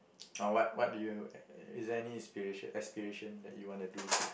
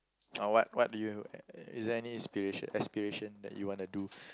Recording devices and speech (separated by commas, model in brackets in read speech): boundary microphone, close-talking microphone, conversation in the same room